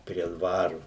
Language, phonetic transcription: Lithuanian, prie ˈdvaru

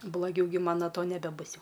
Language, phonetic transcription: Lithuanian, bloˈgiau gi ˈman no ˈto nebeˈbus ˈjau

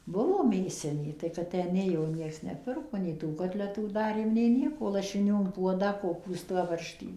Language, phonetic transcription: Lithuanian, ˈbuvo ˈmėsinė tai kad ˈtę ˈnėjo ˈnieks neˈpirko nei tų ˈkotletų ˈdarėm nei ˈnieko lašiˈnių in ˈpuodą koˈpūstą ˈbarštį

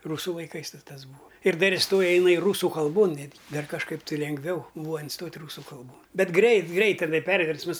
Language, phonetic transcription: Lithuanian, ˈrūsu laiˈkais ˈtas ˈbūa ir ˈdar isˈtoja iˈnai ˈrūsu kalˈbon ˈnetgi ˈdar kažˈkaip tɨ lengˈviau ˈbūva inˈstot' ˈrūsu kalˈbon ˈbet ˈgreit ˈgreit teˈnai ˈperversmas

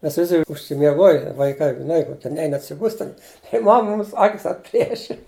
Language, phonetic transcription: Lithuanian, ˈmes ˈvisi užsimieˈgoji vaiˈkai žiˈnai koˈkie ˈnein atsiˈbust' ˈten i ˈmam ˈmums ˈakis atˈplieši

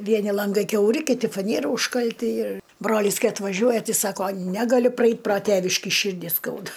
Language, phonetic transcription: Lithuanian, ˈvieni lanˈgai kiauˈri kiˈti faˈniera užkalˈti ir ˈbrolys ˈkai atvaˈžiuoja ˈti ˈsako ˈnegaliu praˈeit' pro ˈtėviškį ˈšyrdį ˈskauda

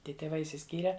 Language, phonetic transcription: Lithuanian, ˈtie tėˈvai išsiˈskyre

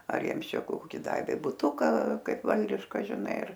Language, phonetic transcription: Lithuanian, ar ˈjiems ˈčia ˈkoki ˈdavė buˈtuka ˈkaip ˈvaldiška žiˈnai ir

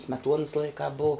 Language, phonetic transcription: Lithuanian, smeˈtuonas ˈlaikā bou

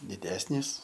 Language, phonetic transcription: Lithuanian, diˈdesnys

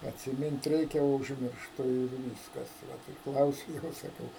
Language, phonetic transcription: Lithuanian, atsiˈmint ˈreikia o užmiršˈtu ir ˈvyskas ˈvat tai ˈklausiu ˈjos saˈkau

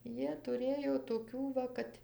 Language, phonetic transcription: Lithuanian, ˈjie tuˈrėjo toˈkių va ˈkad

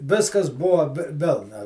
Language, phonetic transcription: Lithuanian, ˈviskas ˈbuvo vi ˈvilna

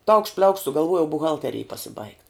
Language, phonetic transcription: Lithuanian, taukšt pliaukšt sugalˈvuojau buˈhalterėj pasibaigt

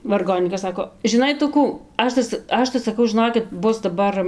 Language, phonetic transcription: Lithuanian, varˈgonykas ˈsako žiˈnai ˈtu ˈkų ˈaš ta ˈaš tai saˈkau žiˈnokit ˈbus daˈbar

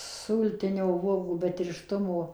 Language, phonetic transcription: Lithuanian, ˈsūltinio ˈvuogų be tirˈštumo

